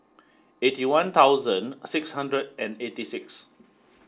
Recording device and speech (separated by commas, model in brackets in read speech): standing microphone (AKG C214), read sentence